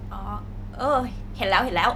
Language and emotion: Thai, neutral